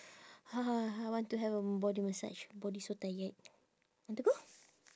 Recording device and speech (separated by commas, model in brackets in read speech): standing microphone, conversation in separate rooms